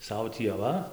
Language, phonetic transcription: Lithuanian, ˈsau tį aˈva

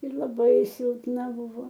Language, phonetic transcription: Lithuanian, ir laˈbai silpˈna ˈbuvo

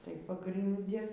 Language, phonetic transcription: Lithuanian, tai pagrinˈdi

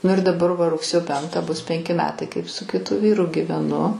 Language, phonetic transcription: Lithuanian, ˈnu ir daˈbar ˈva rugˈsėjo ˈpenktą bus ˈpenki meˈtai ˈkaip su kiˈtu ˈvyru gyveˈnu

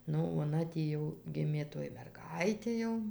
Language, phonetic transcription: Lithuanian, ˈnu oˈna tį ˈjau ˈgimė ˈtoj merˈgaitė jau

